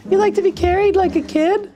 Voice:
high voice